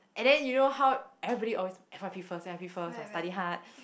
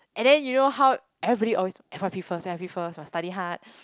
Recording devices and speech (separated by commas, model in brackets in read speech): boundary microphone, close-talking microphone, conversation in the same room